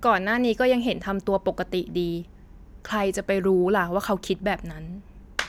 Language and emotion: Thai, neutral